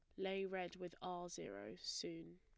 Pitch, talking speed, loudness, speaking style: 175 Hz, 165 wpm, -47 LUFS, plain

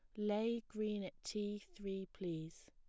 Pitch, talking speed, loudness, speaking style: 205 Hz, 145 wpm, -43 LUFS, plain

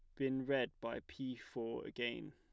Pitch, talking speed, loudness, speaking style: 120 Hz, 170 wpm, -42 LUFS, plain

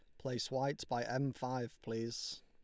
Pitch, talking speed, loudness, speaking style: 130 Hz, 160 wpm, -40 LUFS, Lombard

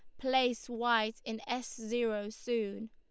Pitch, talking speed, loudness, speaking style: 235 Hz, 135 wpm, -34 LUFS, Lombard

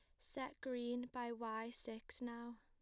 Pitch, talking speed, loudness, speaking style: 235 Hz, 150 wpm, -47 LUFS, plain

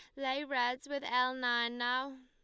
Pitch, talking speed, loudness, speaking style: 255 Hz, 175 wpm, -34 LUFS, Lombard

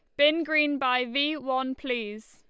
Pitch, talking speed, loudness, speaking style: 265 Hz, 170 wpm, -26 LUFS, Lombard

